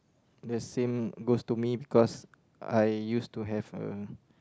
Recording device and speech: close-talking microphone, conversation in the same room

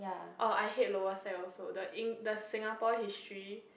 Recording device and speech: boundary microphone, conversation in the same room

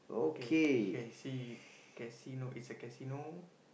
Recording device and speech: boundary microphone, conversation in the same room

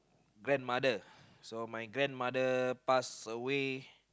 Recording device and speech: close-talking microphone, conversation in the same room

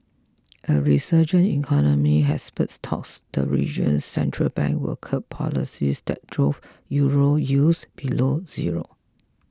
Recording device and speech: close-talking microphone (WH20), read sentence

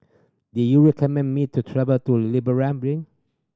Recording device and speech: standing microphone (AKG C214), read sentence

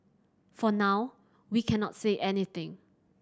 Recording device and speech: standing microphone (AKG C214), read sentence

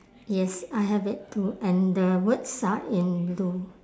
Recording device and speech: standing microphone, conversation in separate rooms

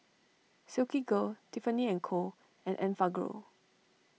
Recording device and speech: mobile phone (iPhone 6), read sentence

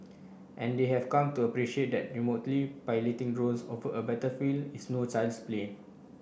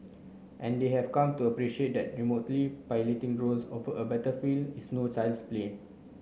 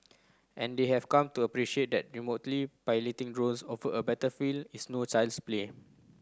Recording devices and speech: boundary microphone (BM630), mobile phone (Samsung C9), close-talking microphone (WH30), read sentence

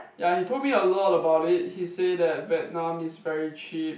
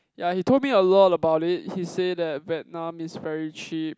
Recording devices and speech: boundary microphone, close-talking microphone, conversation in the same room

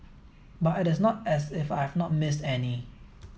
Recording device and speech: mobile phone (iPhone 7), read sentence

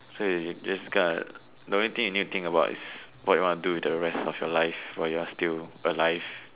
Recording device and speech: telephone, conversation in separate rooms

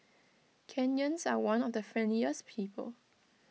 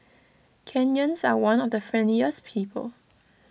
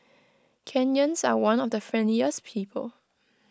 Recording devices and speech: mobile phone (iPhone 6), boundary microphone (BM630), close-talking microphone (WH20), read sentence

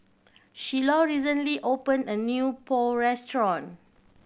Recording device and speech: boundary microphone (BM630), read sentence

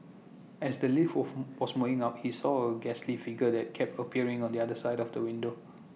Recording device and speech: mobile phone (iPhone 6), read sentence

